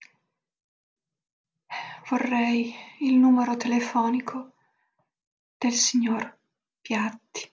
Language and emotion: Italian, sad